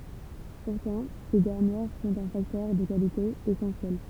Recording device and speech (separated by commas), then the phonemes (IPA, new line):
temple vibration pickup, read sentence
puʁtɑ̃ se dɛʁnjɛʁ sɔ̃t œ̃ faktœʁ də kalite esɑ̃sjɛl